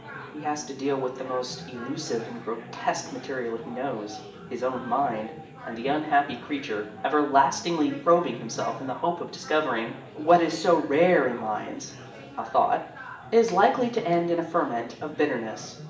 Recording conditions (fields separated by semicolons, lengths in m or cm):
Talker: one person; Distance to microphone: 1.8 m; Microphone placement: close; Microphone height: 1.0 m; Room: large; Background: babble